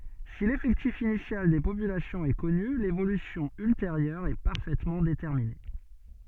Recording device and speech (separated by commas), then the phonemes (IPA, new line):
soft in-ear microphone, read sentence
si lefɛktif inisjal de popylasjɔ̃z ɛ kɔny levolysjɔ̃ ylteʁjœʁ ɛ paʁfɛtmɑ̃ detɛʁmine